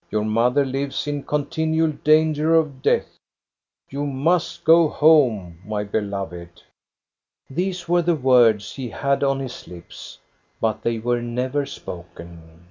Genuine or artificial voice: genuine